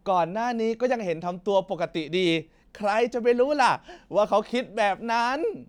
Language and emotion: Thai, happy